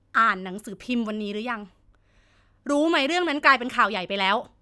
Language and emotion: Thai, frustrated